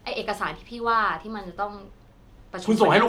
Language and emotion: Thai, frustrated